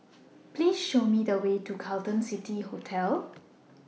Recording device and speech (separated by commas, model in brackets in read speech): mobile phone (iPhone 6), read sentence